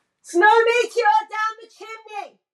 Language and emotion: English, neutral